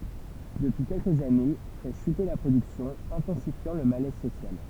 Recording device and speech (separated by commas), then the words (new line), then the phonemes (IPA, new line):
temple vibration pickup, read sentence
Depuis quelques années, fait chuter la production, intensifiant le malaise social.
dəpyi kɛlkəz ane fɛ ʃyte la pʁodyksjɔ̃ ɛ̃tɑ̃sifjɑ̃ lə malɛz sosjal